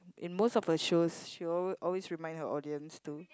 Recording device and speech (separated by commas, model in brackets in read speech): close-talking microphone, conversation in the same room